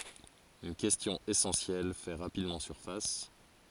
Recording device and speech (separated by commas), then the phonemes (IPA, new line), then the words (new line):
forehead accelerometer, read sentence
yn kɛstjɔ̃ esɑ̃sjɛl fɛ ʁapidmɑ̃ syʁfas
Une question essentielle fait rapidement surface.